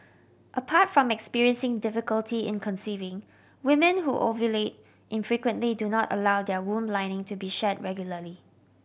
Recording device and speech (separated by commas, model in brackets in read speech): boundary microphone (BM630), read sentence